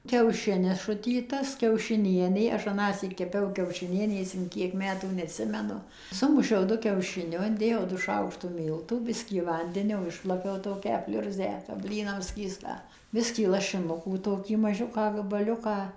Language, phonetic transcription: Lithuanian, kiauˈšinis ˈšutytas kiaušiˈnienė ˈaš ˈanąsyk keˈpiau kiaušiˈnienės in ˈkiek ˈmetų neatˈsimenu ˈsumušiau ˈdu kiaušiˈniu inˈdėjau du ˈšaukštu ˈmyltų ˈbiskį ˈvandenio ˈišplakiau ˈtokią ˈpliurzę kap ˈblynam ˈskystą ˈbiskį lašiˈnukų ˈtokį maˈžiuką gabaˈliuką

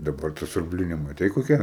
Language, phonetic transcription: Lithuanian, daˈbar ta siurbˈlini maˈtei koˈkia

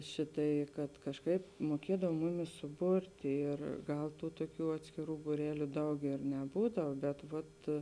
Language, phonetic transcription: Lithuanian, ˈšiˌtai kad kažˈkaip muoˈkiedav ˈmuˌmis suˈburti ir ˈgal ˈtų tuoˈkių atskiˈrų būˈreliu ˈdaug ir neˈbūdav bet vat

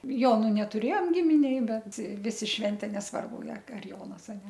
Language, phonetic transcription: Lithuanian, ˈjonu netuˈrėjom ˈgiminėj ˈbet ˈvisi ˈšventė nesˈvarbu ar ar ˈjonas a ne

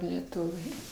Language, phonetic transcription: Lithuanian, leˈtuviai

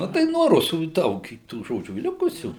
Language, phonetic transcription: Lithuanian, ˈnu tai nuo ˈrusų i ˈdaug i tų ˈžodžių ˈlikusių

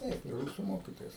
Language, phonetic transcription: Lithuanian, ˈtaip i ˈrūsu ˈmokytojas

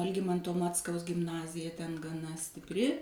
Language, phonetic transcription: Lithuanian, alˈgimanto ˈmackaus gimˈnazija ten gaˈna stipˈri

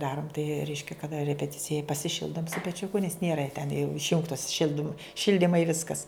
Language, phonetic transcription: Lithuanian, ˈdarum tai ˈreiškia kaˈda repeˈticija pasiˈšildum su peˈčiuku nes ˈnėra ten jau išˈjungtos ˈšildim ˈšildimai ˈviskas

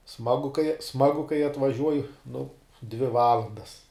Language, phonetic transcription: Lithuanian, ˈsmagu kai ˈsmagu kai atvaˈžiuoja nu dvi ˈvalandas

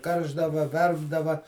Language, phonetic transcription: Lithuanian, ˈkaršdava ˈverpdava

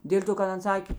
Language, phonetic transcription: Lithuanian, ˈdėl' to kad ˈan ˈsakė

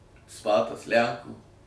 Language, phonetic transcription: Lithuanian, ˈspatas ˈlænkų

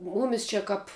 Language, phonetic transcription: Lithuanian, ˈmūmis ˈčia ˈkap

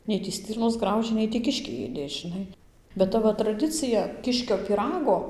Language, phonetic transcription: Lithuanian, ˈnei tį ˈstirnos ˈgraužė ˈnei tį ˈkiškiai ˈėdė žiˈnai bet ˈta va traˈdicija ˈkiškio pyˈrago

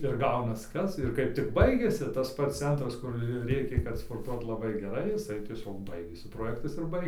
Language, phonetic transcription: Lithuanian, ir ˈgaunas ˈkas ir ˈkaip tik ˈbaigiasi tas ˈpats ˈcentras kur ˈrėkė kad sporˈtuot laˈbai geˈrai jiˈsai tieˈsiog ˈbaigėsi proˈjektas ir ˈbai

